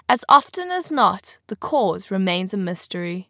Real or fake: real